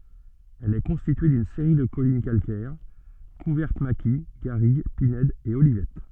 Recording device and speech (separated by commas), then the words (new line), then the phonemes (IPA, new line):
soft in-ear microphone, read sentence
Elle est constituée d'une série de collines calcaires, couvertes maquis, garrigue, pinèdes et olivettes.
ɛl ɛ kɔ̃stitye dyn seʁi də kɔlin kalkɛʁ kuvɛʁt maki ɡaʁiɡ pinɛdz e olivɛt